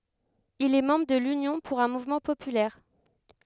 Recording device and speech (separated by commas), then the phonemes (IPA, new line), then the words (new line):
headset microphone, read sentence
il ɛ mɑ̃bʁ də lynjɔ̃ puʁ œ̃ muvmɑ̃ popylɛʁ
Il est membre de l'Union pour un mouvement populaire.